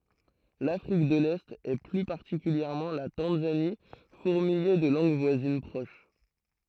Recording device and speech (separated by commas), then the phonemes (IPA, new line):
throat microphone, read sentence
lafʁik də lɛt e ply paʁtikyljɛʁmɑ̃ la tɑ̃zani fuʁmijɛ də lɑ̃ɡ vwazin pʁoʃ